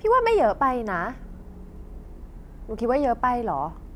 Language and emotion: Thai, frustrated